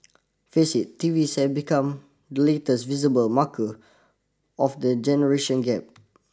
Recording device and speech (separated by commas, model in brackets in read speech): standing microphone (AKG C214), read sentence